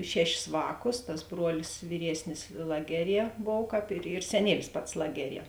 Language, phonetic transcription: Lithuanian, ˈšeˌšis ˈvāˌkus tas ˈbruolis vyˈriesnis ˈlageˌrie ˈbov ˈkāp ir ir seˈnielis ˈpats ˈlageˌrie

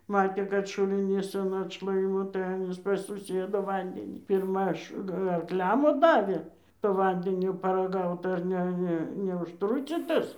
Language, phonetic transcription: Lithuanian, ˈmatė ˈkad šuliˈnys an atšˈlaimo tai ˈanys pas suˈsiedu ˈvandenį pirˈma aš arkˈliam ˈva ˈdavė to ˈvandenio paraˈgaut ar ˈne ˈne neužˈtrucytas

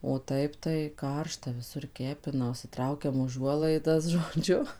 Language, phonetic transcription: Lithuanian, o ˈtaip tai ˈkaršta viˈsur ˈkepina užsiˈtraukiam uˈžuolaidas žoˈdžiu

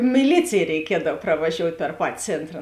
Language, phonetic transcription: Lithuanian, miˈlycėj reiˈkiedav pravaˈžiout' per ˈpati ˈcėntra

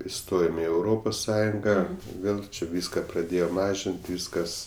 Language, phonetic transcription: Lithuanian, iˈstojom i euˈropos ˈsąjunga ˈvėl čia ˈvyska praˈdėjo ˈmažin't' ˈvyskas

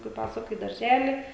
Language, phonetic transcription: Lithuanian, kai ˈpasuka i darˈželi

